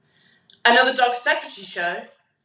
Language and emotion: English, neutral